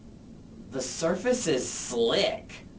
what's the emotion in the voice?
disgusted